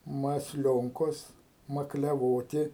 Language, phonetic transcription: Lithuanian, masˈlionkos makliaˈvoti

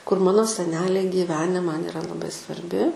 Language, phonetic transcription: Lithuanian, kur ˈmano seˈneliai gyˈvene ˈman iˈra laˈbai svarˈbi

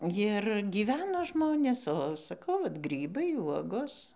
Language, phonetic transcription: Lithuanian, ˈjir gyˈveno ˈžmonės o saˈkau ˈvat ˈgrybai ˈvuogos

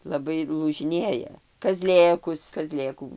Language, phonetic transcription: Lithuanian, laˈbai lūžiˈnėja kaˈzlėkus kaˈzlėkų

